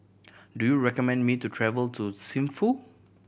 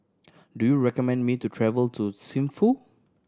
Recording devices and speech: boundary microphone (BM630), standing microphone (AKG C214), read sentence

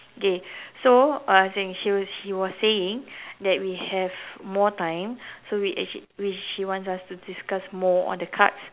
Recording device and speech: telephone, conversation in separate rooms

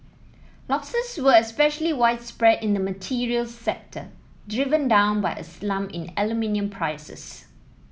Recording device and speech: mobile phone (iPhone 7), read sentence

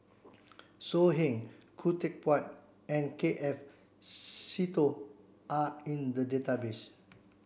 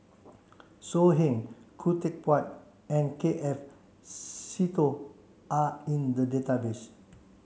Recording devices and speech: boundary microphone (BM630), mobile phone (Samsung C7), read sentence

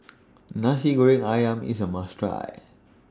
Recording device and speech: standing microphone (AKG C214), read sentence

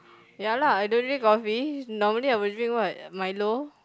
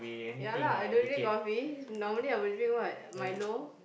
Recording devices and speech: close-talking microphone, boundary microphone, conversation in the same room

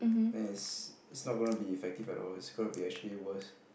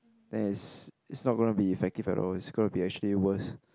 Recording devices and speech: boundary microphone, close-talking microphone, conversation in the same room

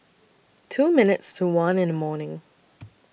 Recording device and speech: boundary microphone (BM630), read sentence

